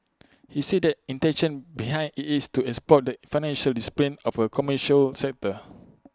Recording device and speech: close-talking microphone (WH20), read sentence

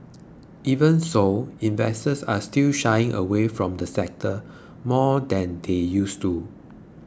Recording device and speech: close-talking microphone (WH20), read sentence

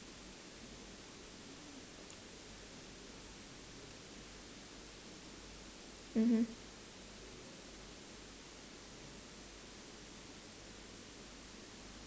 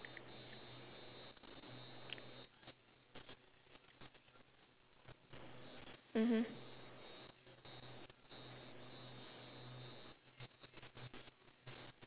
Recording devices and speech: standing microphone, telephone, conversation in separate rooms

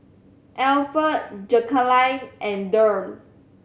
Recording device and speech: mobile phone (Samsung C7100), read sentence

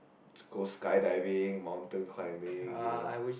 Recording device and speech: boundary microphone, conversation in the same room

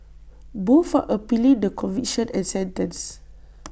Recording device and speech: boundary microphone (BM630), read sentence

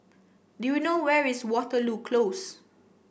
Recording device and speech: boundary microphone (BM630), read sentence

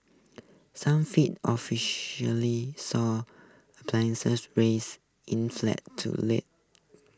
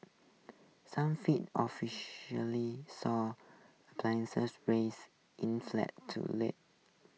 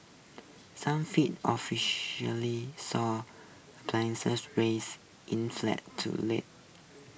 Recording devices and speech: close-talking microphone (WH20), mobile phone (iPhone 6), boundary microphone (BM630), read sentence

